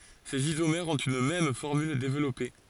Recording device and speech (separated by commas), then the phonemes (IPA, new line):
forehead accelerometer, read sentence
sez izomɛʁz ɔ̃t yn mɛm fɔʁmyl devlɔpe